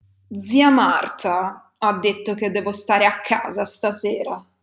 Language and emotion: Italian, disgusted